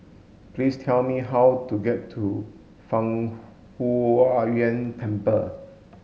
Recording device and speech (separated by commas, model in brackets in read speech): mobile phone (Samsung S8), read sentence